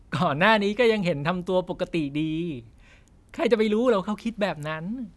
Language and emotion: Thai, happy